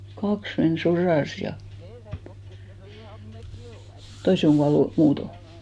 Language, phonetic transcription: Finnish, 'kaks men 'soràs ja , 'toise oŋ ɢuallu , 'muuto .
- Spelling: kaksi meni sodassa ja toiset on kuollut muuten

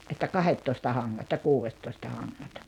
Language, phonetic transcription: Finnish, ’että "kahettoista 'haŋŋat ja 'kuuvettoista haŋŋat .
- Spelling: että kahdettoista hangat ja kuudettoista hangat

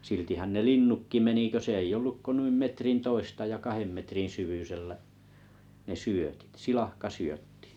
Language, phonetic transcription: Finnish, 'siltihän ne "linnukki 'meni kö olluk ko nu̬im 'metrin 'toista ja 'kahem metrin 'syvysellä’ , ne "syötit , 'silahka'syöttɪ .
- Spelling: siltihän ne linnutkin meni kun ollut kuin noin metrin toista ja kahden metrin syvyisellä ne syötit silakkasyötti

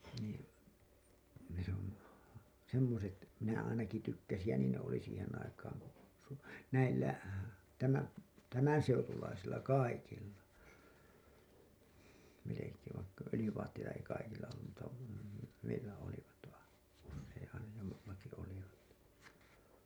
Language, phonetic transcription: Finnish, niin , se ‿on , 'semmoset , minä ainaki 'tykkäsij ja 'niin ne oli siihen aikaaŋ ku , su- , 'näillä , tämä- , "tämänseutulaisilla "kaikilla , melekeev vaikka 'ölĭjyvaatteita ei kaikilla ollum mutta 'meillä olivat vain , (jos ‿ei aina , jol- , -laki olivat) .
- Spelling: niin se on semmoiset minä ainakin tykkäsin ja niin ne oli siihen aikaan kun - näillä - tämänseutulaisilla kaikilla melkein vaikka öljyvaatteita ei kaikilla ollut mutta meillä olivat vain jos ei aina - jollakin olivat

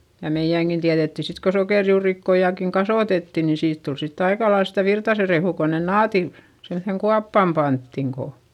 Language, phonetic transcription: Finnish, ja mei₍äŋkin tiäδetti sit ko sokèrjuurikkojakiŋ kasòtetti nin siit tul sitt ‿aikalails sitä Virtase rehù ko nen naati , semϑeŋ kuappàm panttiŋ ko ,.
- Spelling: ja meidänkin tiedettiin sitten kun sokerijuurikkaitakin kasvatettiin niin siitä tuli sitten aika lailla sitä Virtasen rehua kun ne naatit semmoiseen kuoppaan pantiin kun

